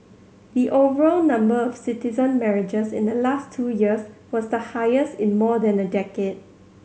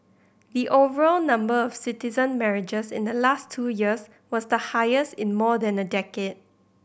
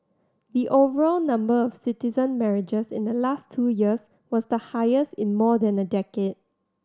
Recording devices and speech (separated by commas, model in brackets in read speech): mobile phone (Samsung C7100), boundary microphone (BM630), standing microphone (AKG C214), read sentence